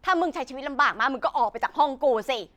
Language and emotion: Thai, angry